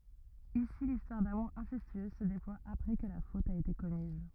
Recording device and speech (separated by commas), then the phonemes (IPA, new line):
rigid in-ear microphone, read sentence
isi listwaʁ damuʁ ɛ̃sɛstyøz sə deplwa apʁɛ kə la fot a ete kɔmiz